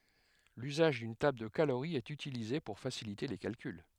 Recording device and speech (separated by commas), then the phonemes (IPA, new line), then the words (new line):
headset microphone, read sentence
lyzaʒ dyn tabl də kaloʁi ɛt ytilize puʁ fasilite le kalkyl
L'usage d'une table de calorie est utilisée pour faciliter les calculs.